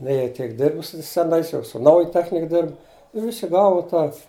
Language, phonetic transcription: Lithuanian, ne jei ˈtiek ˈdirbus su seˈnais jau su ˈnauja ˈtechnik ˈdirbu i ˈvisi ˈgavu ˈtą

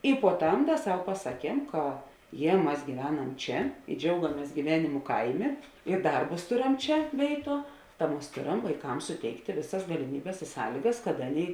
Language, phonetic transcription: Lithuanian, i puo ˈtam ˈda ˈsau pasaˈkiem ka ˈjie ˈmas gyˈveˌnam ˈčia i ˈdžiaugamės gyˈvenimu ˈkaiˌmė i ˈdarbus ˈtoˌrem ˈčia ˈvėiˌtuo ta ˈmas ˈtoˌram vaiˈkams suˈteiktė ˈvėˌsas galiˈmybės i ˈsąlygas kad ˈaˌnėi

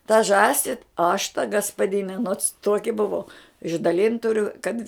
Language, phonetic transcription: Lithuanian, ta ˈžąsi aš ta gaspaˈdine nots ˈtoki buˈvau išdaˈlint tuˈriu kad

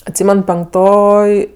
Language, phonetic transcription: Lithuanian, atˈsymen penkˈtoj

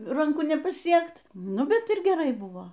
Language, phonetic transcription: Lithuanian, ranˈku nepaˈsiekt ˈnu ˈbet ir geˈrai ˈbuvo

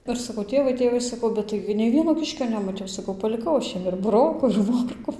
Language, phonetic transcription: Lithuanian, ˈir saˈkau ˈtėvai ˈtėvai saˈkau ˈbet taigi nei ˈvieno ˈkiškio nemaˈtiau saˈkau paliˈkau aš ˈjiem ir buˈroku ir ˈmorku

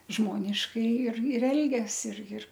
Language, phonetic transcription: Lithuanian, ˈžmoniškai ir ir ˈelgias ir jir

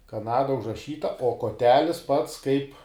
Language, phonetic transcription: Lithuanian, kaˈnada užraˈšyta o koˈtelis pats kaip

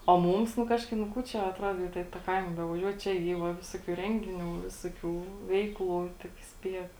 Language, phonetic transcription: Lithuanian, o ˈmūms nu ˈkažkaip nu ˈkų ˈčia atˈruodo ta i tą ˈkaima bevaˈžiuot ˈčia ˈy va ˈvisokių ˈrengiˌnių ˈvisoˌkių ˈveikˌlų tik ˈspiek

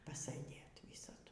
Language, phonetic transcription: Lithuanian, pasɘˈdėt ˈvysadu

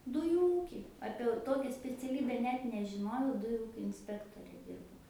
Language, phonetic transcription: Lithuanian, ˈdujų ˈūky ˈapie au ˈtokia speciaˈlybe ˈnet nežiˈnojau ˈdujų ˈūkio inˈspektore ˈdirbau

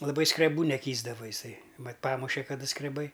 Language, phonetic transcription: Lithuanian, laˈbai skreˈbų neˈkįsdavo iˈsai ˈmat ˈpamuše kaˈda skreˈbai

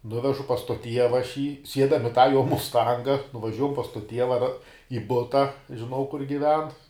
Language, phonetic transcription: Lithuanian, ˈnuvežu pas to ˈtieva aš jį ˈsiedam i tą jo musˈtanga nuvaˈžiuojam pas to ˈtieva ra i ˈbuta žiˈnau kur giˈven

